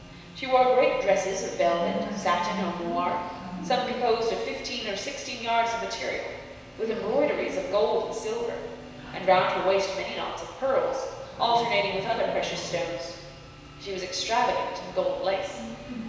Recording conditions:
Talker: one person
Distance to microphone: 1.7 m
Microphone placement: close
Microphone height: 1.0 m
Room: very reverberant, large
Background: television

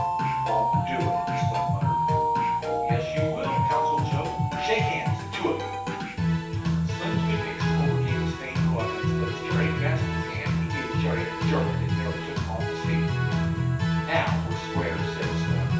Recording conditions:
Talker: one person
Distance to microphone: 9.8 m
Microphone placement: far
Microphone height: 1.8 m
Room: large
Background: music

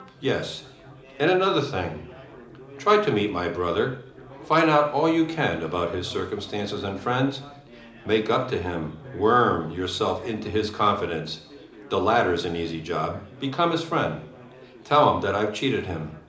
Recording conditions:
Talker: one person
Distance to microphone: 2.0 m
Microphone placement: close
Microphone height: 99 cm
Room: medium-sized (5.7 m by 4.0 m)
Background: babble

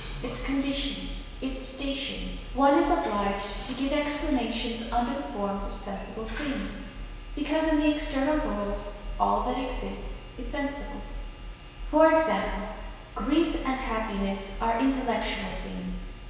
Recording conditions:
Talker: one person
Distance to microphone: 1.7 m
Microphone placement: close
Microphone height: 1.0 m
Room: very reverberant, large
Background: television

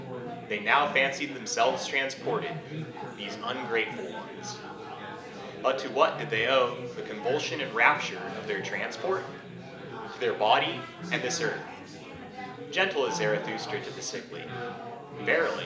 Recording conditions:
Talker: one person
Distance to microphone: 1.8 m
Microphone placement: close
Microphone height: 1.0 m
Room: large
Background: babble

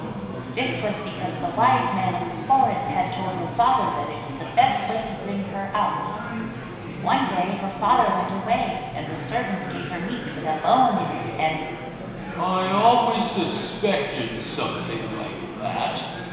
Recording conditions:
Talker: one person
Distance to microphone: 1.7 m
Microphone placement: close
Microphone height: 1.0 m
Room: very reverberant, large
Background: babble

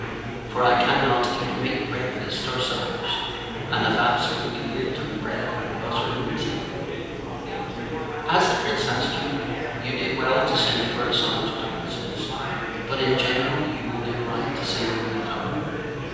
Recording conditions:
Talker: one person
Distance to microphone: 7.1 m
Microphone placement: far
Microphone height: 1.7 m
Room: very reverberant, large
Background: babble

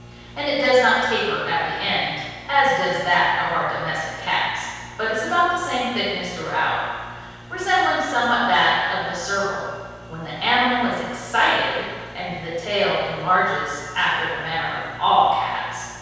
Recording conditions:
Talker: one person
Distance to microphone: 7.1 m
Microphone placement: far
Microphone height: 1.7 m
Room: very reverberant, large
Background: none

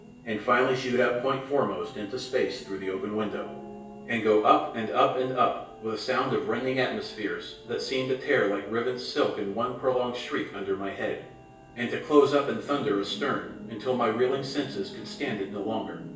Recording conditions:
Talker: one person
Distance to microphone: 1.8 m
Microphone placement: close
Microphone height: 1.0 m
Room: large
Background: television

